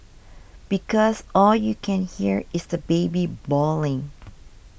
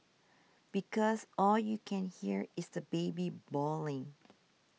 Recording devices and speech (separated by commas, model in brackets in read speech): boundary microphone (BM630), mobile phone (iPhone 6), read sentence